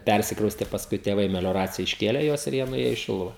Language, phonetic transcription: Lithuanian, ˈpærsikrauste pasˈkui tėˈvai melioˈracija išˈkėle ˈjuos ir ˈjie nuˈėjo į ˈšiluva

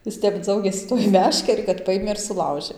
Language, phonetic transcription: Lithuanian, ˈjis ˈtep ˈdzaugėsi tuoj ˈmeškeri kad ˈpajėmė ir suˈlaužė

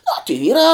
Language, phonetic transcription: Lithuanian, nu ti ˈvyrā

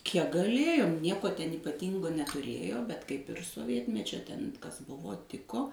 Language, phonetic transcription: Lithuanian, kiek gaˈlėjom ˈnieko ten ypaˈtyngo netuˈrėjo bet kaip ir soˈvietmečio ten ˈkas ˈbuvo ˈtiko

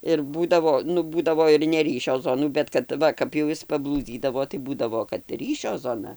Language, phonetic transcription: Lithuanian, ir ˈbūdavo ˈnu ˈbūdavo ir neˈryšio ˈzonų bet kad ˈva kap jau ˈjis paˈblūdzydavo tai ˈbūdavo kad ˈryšio ˈzona

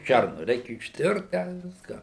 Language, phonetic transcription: Lithuanian, ˈšærnu ˈreikia išˈtirt ten ˈviską

